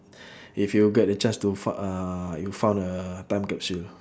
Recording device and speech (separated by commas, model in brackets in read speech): standing microphone, conversation in separate rooms